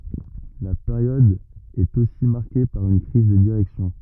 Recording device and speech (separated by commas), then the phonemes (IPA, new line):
rigid in-ear microphone, read sentence
la peʁjɔd ɛt osi maʁke paʁ yn kʁiz də diʁɛksjɔ̃